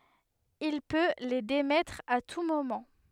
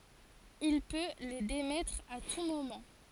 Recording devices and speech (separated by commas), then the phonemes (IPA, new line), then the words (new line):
headset microphone, forehead accelerometer, read sentence
il pø le demɛtʁ a tu momɑ̃
Il peut les démettre à tout moment.